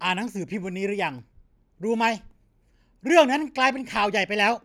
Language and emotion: Thai, angry